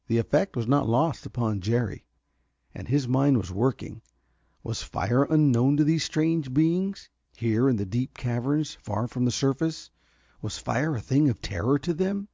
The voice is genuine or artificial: genuine